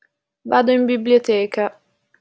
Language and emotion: Italian, sad